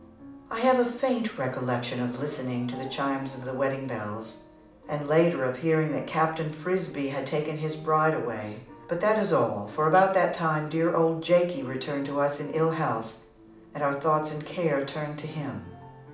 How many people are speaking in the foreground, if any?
One person.